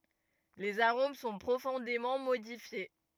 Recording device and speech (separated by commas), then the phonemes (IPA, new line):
rigid in-ear microphone, read sentence
lez aʁom sɔ̃ pʁofɔ̃demɑ̃ modifje